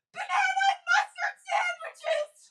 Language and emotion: English, fearful